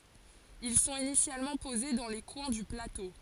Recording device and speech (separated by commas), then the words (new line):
forehead accelerometer, read sentence
Ils sont initialement posés dans les coins du plateau.